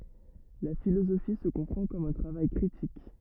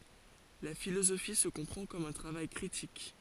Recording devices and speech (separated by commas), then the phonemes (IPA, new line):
rigid in-ear microphone, forehead accelerometer, read sentence
la filozofi sə kɔ̃pʁɑ̃ kɔm œ̃ tʁavaj kʁitik